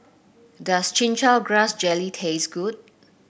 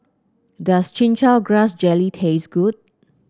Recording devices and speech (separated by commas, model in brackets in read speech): boundary microphone (BM630), close-talking microphone (WH30), read sentence